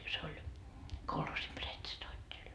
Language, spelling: Finnish, se oli kolhoosin pretstoattel
- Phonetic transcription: se oĺ , 'kolhoosim 'pretstoatteĺ .

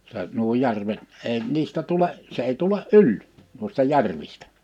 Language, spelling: Finnish, se nuo järvet ei niistä tule se ei tule yli noista järvistä
- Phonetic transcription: 'se , nuo 'järvet , 'èi’ 'niistä 'tule’ , se ei 'tule’ "’yl , nu̬ista 'järvistᴀ̈ .

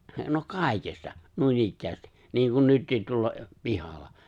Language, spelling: Finnish, no kaikesta noinikään niin kuin nytkin tuolla pihalla
- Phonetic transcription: no 'kàikesta , 'nuinikkäästi , niiŋkun 'nyttiit tuolla , 'pihal̆la .

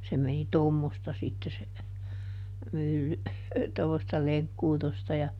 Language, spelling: Finnish, se meni tuommoista sitten se mylly tuommoista lenkkuutosta ja
- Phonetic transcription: se meni "tommosta sitte se , ˈmylly , tommosta ˈleŋkkuutosta ja ,.

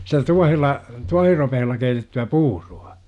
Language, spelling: Finnish, sitä tuohella tuohiropeella keitettyä puuroa
- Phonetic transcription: sitä 'tuahella , 'tuahiropehella keitetty₍ä "puuru₍A !

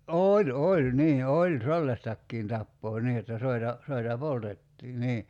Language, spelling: Finnish, oli oli niin oli sellaistakin tapaa niin jotta soita soita poltettiin niin
- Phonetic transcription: '’ooĺ 'oĺ nii 'oĺ "sellastakkiin 'tappoo 'nii jotta 'soita , 'soita "poltettii 'nii .

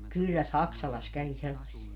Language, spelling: Finnish, kyllä Saksalassa kävi sellaisia
- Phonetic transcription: 'kyllä "Saksalas kävi 'sellass(ia) .

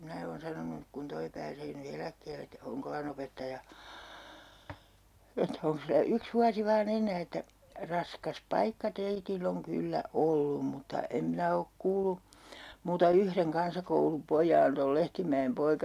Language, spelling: Finnish, minä olen sanonut kun tuo pääsee nyt eläkkeelle että Honkolan opettaja että onkos sillä yksi vuosi vain enää että raskas paikka teillä on kyllä ollut mutta en minä ole kuullut muuta yhden kansakoulupojan
- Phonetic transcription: 'minä oon 'sanonuk kun 'toi pääsee ny 'eläkkeell ‿et , "Hoŋkolan ‿opettaja , että 'oŋks sillä 'yks 'vuasi vaa'n ‿en̆nää että » "raskas 'paikka 'teitill ‿oŋ 'kyllä "ollum mutta , 'em 'minä ok 'kuulu , muuta 'yhreŋ 'kansakoulu'pojaan - - » .

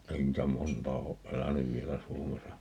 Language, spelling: Finnish, ei niitä montaa ole elänyt vielä Suomessa
- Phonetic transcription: 'ei niitä "montaa oʼ 'ʼelänyv 'vielä "Suomesa .

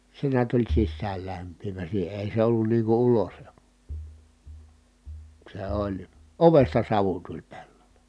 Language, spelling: Finnish, se näet oli sisäänlämpiävä siihen ei se ollut niin kuin - se oli ovesta savu tuli pellolle
- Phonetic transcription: se niät oĺ sissäällämp̆piivä siihe èi se ollun nii ku ulosl- , se oĺ ,. ovesta savu tuĺ pelloLE .

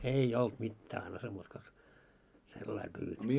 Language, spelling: Finnish, ei ollut mitään ansa muuta kuin sellainen -
- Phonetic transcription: ei "olt mittää ansa muut ko , 'sellai pyyvet- .

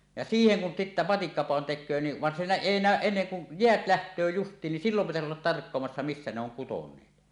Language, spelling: Finnish, ja siihen kun sitten matikkapadon tekee niin vaan siinä ei näy ennen kuin jäät lähtee justiin niin silloin pitäisi olla tarkkailemassa missä ne on kuteneet
- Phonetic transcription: ja "siiheŋ kun 'sittä "matikkapàon 'tek̆köö ni , van siinä "èi 'nä̀öˀ 'ˀenneŋ kun , 'jeät 'läht̀öö just̀iin nin "sillom pitäsi 'ollat 'tarkkoamassa "missä ne ‿oŋ 'kutoǹeet .

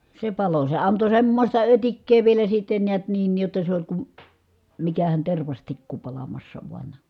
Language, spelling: Finnish, se antoi semmoista ötikkää vielä sitten näet niin jotta se oli kun mikähän tervastikku palamassa vain
- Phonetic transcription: se anto semmośta ötikkee vielä sitten niät niin jotta se oĺ kum , mikähän tervastikku palamassa vuan .

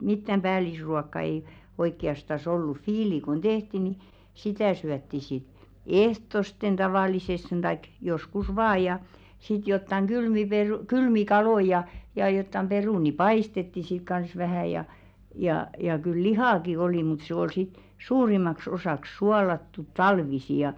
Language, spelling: Finnish, mitään päällisruokaa ei oikeastaan ollut viili kun tehtiin niin sitä syötiin sitten ehtoosti tavallisesti tai joskus vain ja sitten jotakin kylmiä - kylmiä kaloja ja ja jotakin perunoita paistettiin sitten kanssa vähän ja ja ja kyllä lihaakin oli mutta se oli sitten suurimmaksi osaksi suolattu talvisin ja
- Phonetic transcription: 'mittäm "ʙäälisruakka ei , 'oikki₍astas "ollu "fiili kun 'tehti ni , "sitä̀ syätti sit , "ehtosten 'tavàlisestᴇɴ taik 'joskus "vaaj ja , sit 'jottaŋ 'ɢylmi peru- , "kylmi "kaloi ja , ja jottam 'perùni "paistetti sik kans 'vähä̀ ja , jà ja 'kyl "lihàki olì mut 'se oi sit , "suurimaks osàks 'sualattut "talvisi ja .

